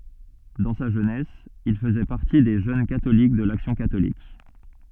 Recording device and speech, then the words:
soft in-ear microphone, read sentence
Dans sa jeunesse, il faisait partie des jeunes catholiques de l'action catholique.

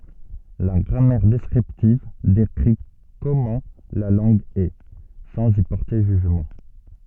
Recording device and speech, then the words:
soft in-ear microphone, read sentence
La grammaire descriptive décrit comment la langue est, sans y porter jugement.

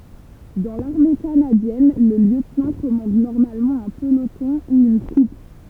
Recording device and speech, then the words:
temple vibration pickup, read sentence
Dans l'Armée canadienne, le lieutenant commande normalement un peloton ou une troupe.

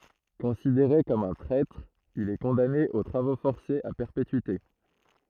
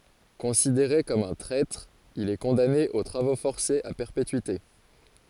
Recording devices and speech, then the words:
throat microphone, forehead accelerometer, read sentence
Considéré comme un traître, il est condamné aux travaux forcés à perpétuité.

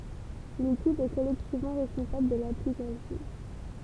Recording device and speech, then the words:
temple vibration pickup, read sentence
L'équipe est collectivement responsable de l'application.

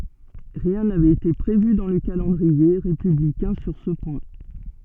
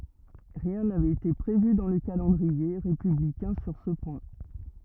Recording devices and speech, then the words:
soft in-ear microphone, rigid in-ear microphone, read sentence
Rien n'avait été prévu dans le calendrier républicain sur ce point.

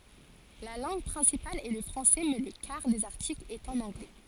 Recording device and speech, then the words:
forehead accelerometer, read sentence
La langue principale est le français, mais le quart des articles est en anglais.

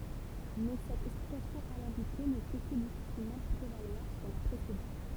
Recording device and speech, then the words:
temple vibration pickup, read sentence
Mais cette explication alambiquée ne peut que difficilement prévaloir sur la précédente.

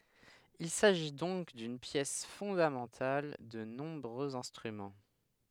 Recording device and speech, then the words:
headset microphone, read sentence
Il s'agit donc d'une pièce fondamentale de nombreux instruments.

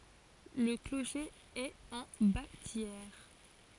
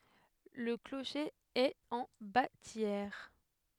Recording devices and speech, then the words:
forehead accelerometer, headset microphone, read sentence
Le clocher est en bâtière.

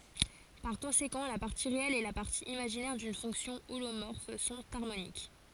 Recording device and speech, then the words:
forehead accelerometer, read sentence
Par conséquent, la partie réelle et la partie imaginaire d'une fonction holomorphe sont harmoniques.

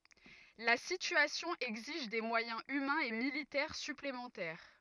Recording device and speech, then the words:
rigid in-ear microphone, read sentence
La situation exige des moyens humains et militaires supplémentaires.

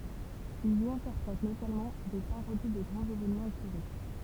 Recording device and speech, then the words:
temple vibration pickup, read sentence
Ils y interprètent notamment des parodies de grands événements historiques.

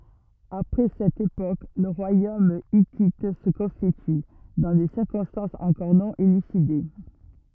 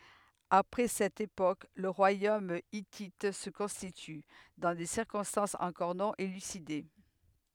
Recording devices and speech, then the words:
rigid in-ear microphone, headset microphone, read sentence
Après cette époque, le royaume hittite se constitue, dans des circonstances encore non élucidées.

